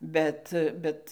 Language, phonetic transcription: Lithuanian, ˈbet ˈbet

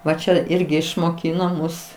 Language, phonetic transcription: Lithuanian, ˈva ˈčia ˈirgi išmoˈkyno ˈmus

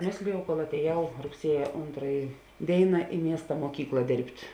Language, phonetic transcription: Lithuanian, ˈmėslijau kol atėˈjau rugˈsieja ˈontraji ˈdėina i ˈmiesta muoˈkykla ˈdėrbt'

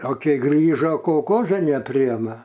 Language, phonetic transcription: Lithuanian, o ˈkei ˈgrįžo kolˈkoza neˈpriema

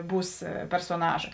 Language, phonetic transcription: Lithuanian, ˈbūs persoˈnaža

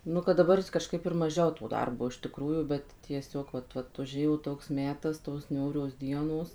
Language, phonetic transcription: Lithuanian, ˈnu kad daˈbar kažˈkaip ir maˈžiau to ˈdarbo iš tiˈkrųjų ˈbet tieˈsiog vat ˈvat uˈžėjo ˈtoks ˈmetas tos ˈniūrios ˈdienos

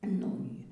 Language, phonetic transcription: Lithuanian, nu ˈy

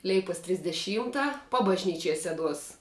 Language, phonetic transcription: Lithuanian, ˈleipos trisdeˈšymta pabažˈnyčiej ˈseˌduos

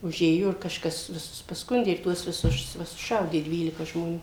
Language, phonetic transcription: Lithuanian, uˈžėjo ir kažˈkas viˈsus paˈskundė ir ˈtuos viˈsus ˈva suˈšaudė ˈdvylika žmoˈnių

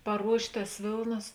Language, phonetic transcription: Lithuanian, paˈruošt' tas ˈvėlnas

